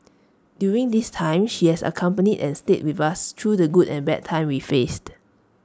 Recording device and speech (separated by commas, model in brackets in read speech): standing microphone (AKG C214), read sentence